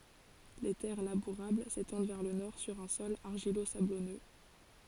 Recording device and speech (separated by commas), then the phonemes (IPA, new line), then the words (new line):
forehead accelerometer, read sentence
le tɛʁ labuʁabl setɑ̃d vɛʁ lə nɔʁ syʁ œ̃ sɔl aʁʒilozablɔnø
Les terres labourables s'étendent vers le nord sur un sol argilo-sablonneux.